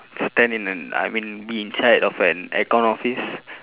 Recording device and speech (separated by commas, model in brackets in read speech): telephone, conversation in separate rooms